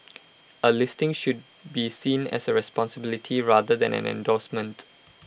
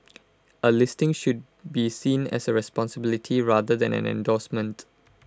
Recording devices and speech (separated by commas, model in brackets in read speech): boundary microphone (BM630), close-talking microphone (WH20), read sentence